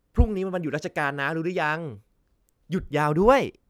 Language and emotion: Thai, happy